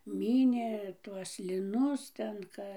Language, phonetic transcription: Lithuanian, ˈmynė ˈtuos liˈnus ten ˈka

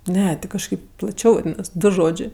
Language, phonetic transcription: Lithuanian, ˈne ˈti kažˈkaip plaˈčiau ˈnes ˈdu ˈžodžė

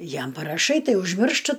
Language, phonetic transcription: Lithuanian, ˈjam paraˈšai ˈtai užˈmirštɨ

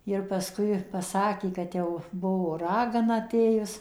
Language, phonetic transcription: Lithuanian, ir pasˈkui paˈsakė kad ˈjau ˈbuvo ˈragana aˈtėjus

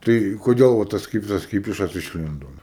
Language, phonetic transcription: Lithuanian, ˈtai koˈdėl va ˈtas ˈkipsas ˈkypišas išˈlindo nu

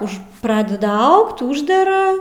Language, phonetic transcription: Lithuanian, už ˈpradeda ˈaugt ˈūždera

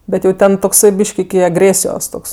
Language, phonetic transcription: Lithuanian, ˈbet jau ˈten tokˈsai ˈbyšk iki agˈrėsijos ˈtoks

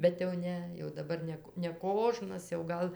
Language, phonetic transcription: Lithuanian, bet jau ˈne jau daˈbar ˈne k neˈkožnas jau ˈgal

